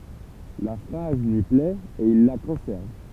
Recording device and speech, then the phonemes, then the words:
temple vibration pickup, read sentence
la fʁaz lyi plɛt e il la kɔ̃sɛʁv
La phrase lui plait et il la conserve.

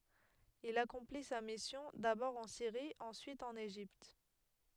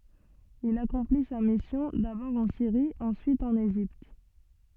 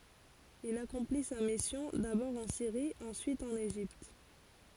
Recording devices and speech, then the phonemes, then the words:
headset microphone, soft in-ear microphone, forehead accelerometer, read sentence
il akɔ̃pli sa misjɔ̃ dabɔʁ ɑ̃ siʁi ɑ̃syit ɑ̃n eʒipt
Il accomplit sa mission, d'abord en Syrie, ensuite en Égypte.

